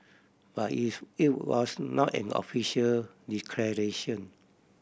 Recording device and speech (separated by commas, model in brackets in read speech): boundary microphone (BM630), read sentence